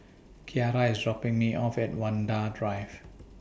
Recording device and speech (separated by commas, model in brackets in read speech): boundary microphone (BM630), read sentence